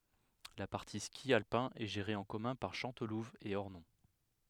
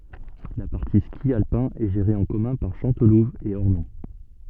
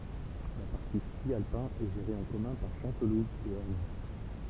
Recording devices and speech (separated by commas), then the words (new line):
headset microphone, soft in-ear microphone, temple vibration pickup, read sentence
La partie ski alpin est gérée en commun par Chantelouve et Ornon.